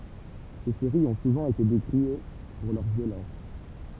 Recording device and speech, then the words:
temple vibration pickup, read sentence
Ces séries ont souvent été décriées pour leur violence.

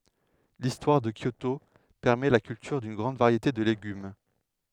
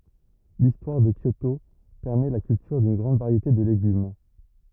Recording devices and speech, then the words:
headset microphone, rigid in-ear microphone, read sentence
L'histoire de Kyoto permet la culture d'une grande variété de légumes.

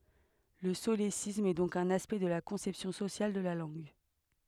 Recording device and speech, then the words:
headset microphone, read sentence
Le solécisme est donc un aspect de la conception sociale de la langue.

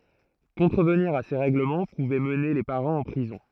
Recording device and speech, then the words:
throat microphone, read sentence
Contrevenir à ces règlements pouvait mener les parents en prison.

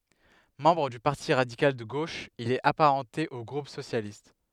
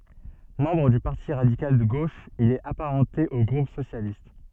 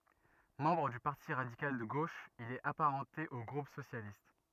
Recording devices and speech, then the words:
headset microphone, soft in-ear microphone, rigid in-ear microphone, read sentence
Membre du Parti radical de gauche, il est apparenté au groupe socialiste.

